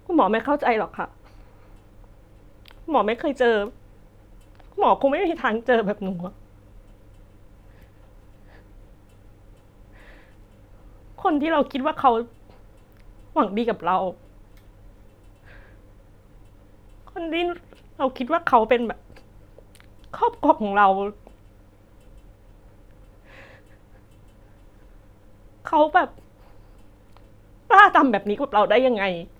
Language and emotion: Thai, sad